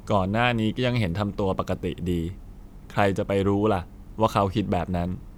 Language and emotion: Thai, neutral